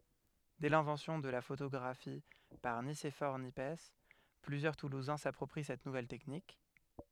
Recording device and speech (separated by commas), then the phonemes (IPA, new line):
headset microphone, read sentence
dɛ lɛ̃vɑ̃sjɔ̃ də la fotoɡʁafi paʁ nisefɔʁ njɛps plyzjœʁ tuluzɛ̃ sapʁɔpʁi sɛt nuvɛl tɛknik